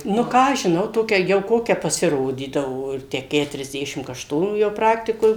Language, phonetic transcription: Lithuanian, nu ˈką aš žiˈnau ˈtokia jau ˈkokia pasiˈrodydavo ˈir ˈtę keturiasˈdešim kašˈtonų ˈjau ˈpraktikoj

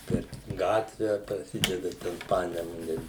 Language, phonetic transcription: Lithuanian, per ˈgatve praˈsideda ˈten ˈpanemune

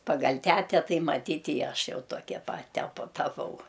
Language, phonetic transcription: Lithuanian, paˈgal' ˈtete ˈtai maˈtyt' i ˈaš ˈjau ˈtokia pat teˈpu taˈpau

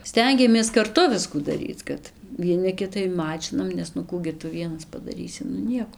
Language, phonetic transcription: Lithuanian, ˈstengiamės karˈtu ˈviskų daˈryc ˈkad vieˈna ˈkitai ˈmačinam nes nu ˈkų gi ˈtu ˈvienas padaˈrysi ˈnu ˈnieko

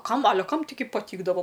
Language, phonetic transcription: Lithuanian, ˈkam aˈle ˈkam taiˈgi paˈtykdavo

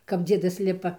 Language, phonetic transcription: Lithuanian, kap ˈdziedas ˈlipa

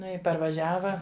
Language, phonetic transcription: Lithuanian, ˈnu i parvaˈžiava

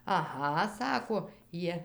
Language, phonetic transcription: Lithuanian, aˈha ˈsako ˈjie

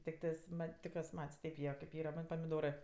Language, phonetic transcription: Lithuanian, tikˈtɜs ˈmat' tik juos ˈmat's' ˈteip jie kaip ˈyra ˈman' pamiˈdorɜ

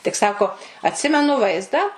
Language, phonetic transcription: Lithuanian, tik ˈsako atˈsimenu ˈvaizdą

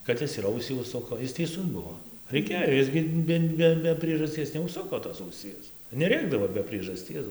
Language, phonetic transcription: Lithuanian, kad ˈis ir ˈausį užˈsuko ˈis teiˈsus ˈbuo reiˈkėjo ˈis gi ˈbe ˈbe be priežasˈties neužˈsuko tos auˈsies neˈrėkdavo be priežaˈsties

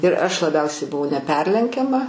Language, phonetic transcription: Lithuanian, ir ˈaš laˈbiausiai buˈvau neˈperlenkiama

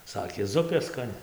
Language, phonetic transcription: Lithuanian, ˈsakė ˈzupė skaˈni

